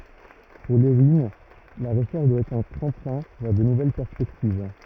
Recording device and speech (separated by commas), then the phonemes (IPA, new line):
rigid in-ear microphone, read sentence
puʁ levin la ʁəʃɛʁʃ dwa ɛtʁ œ̃ tʁɑ̃plɛ̃ vɛʁ də nuvɛl pɛʁspɛktiv